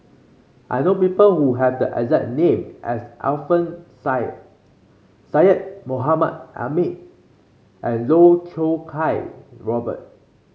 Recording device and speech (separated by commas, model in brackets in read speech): mobile phone (Samsung C5), read sentence